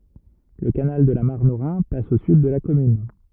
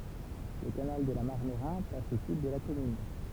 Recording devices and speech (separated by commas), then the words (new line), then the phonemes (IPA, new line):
rigid in-ear microphone, temple vibration pickup, read sentence
Le canal de la Marne au Rhin passe au sud de la commune.
lə kanal də la maʁn o ʁɛ̃ pas o syd də la kɔmyn